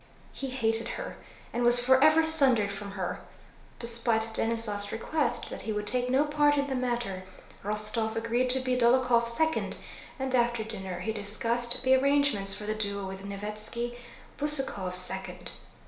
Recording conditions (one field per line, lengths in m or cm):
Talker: one person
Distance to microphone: 1.0 m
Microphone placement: close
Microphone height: 1.1 m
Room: small (3.7 m by 2.7 m)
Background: none